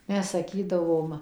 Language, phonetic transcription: Lithuanian, ˈmes saˈkydavom

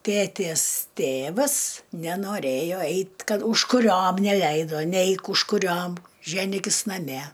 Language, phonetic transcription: Lithuanian, ˈtėtės ˈtėvas nenoˈrėjo ˈeit ˈkad užkuˈriom neˈleido ˈneik užkuˈriom ˈženykis naˈme

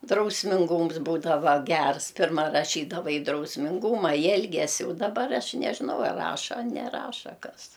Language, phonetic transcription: Lithuanian, drausminˈgums ˈbūdava ˈgers ˈpirma raˈšydava i drausminˈguma i ˈelgesi daˈbar ˈaš nežiˈnau ar ˈraša a neˈraša ˈkas

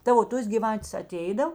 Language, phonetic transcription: Lithuanian, ˈta o ˈtos giˈvatės aˈteidav

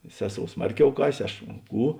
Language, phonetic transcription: Lithuanian, ˈseˌsou ˈsmarˌkiau ˈkasė ˈaš ˈkų

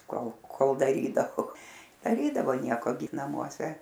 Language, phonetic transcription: Lithuanian, ˈkol ˈkol daˈrydavo daˈrydavo ˈnieko gi namuoˈse

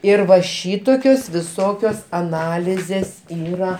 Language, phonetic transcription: Lithuanian, ir va ˈšytokios viˈsokios aˈnalizės ˈyra

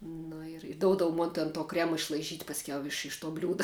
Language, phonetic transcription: Lithuanian, nu ir ˈdoudavu ˈmon ten to ˈkrema išlaiˈžyt' pasˈkiau ˈiš iš to ˈbliūda

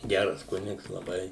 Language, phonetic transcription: Lithuanian, ˈgæras ˈkunigs laˈbai

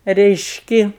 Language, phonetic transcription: Lithuanian, reišˈki

